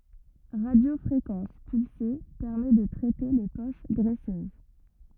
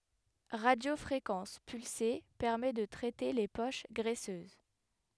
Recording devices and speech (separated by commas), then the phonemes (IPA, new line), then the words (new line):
rigid in-ear microphone, headset microphone, read sentence
ʁadjofʁekɑ̃s pylse pɛʁmɛ də tʁɛte le poʃ ɡʁɛsøz
Radiofréquence pulsée: permet de traiter les poches graisseuses.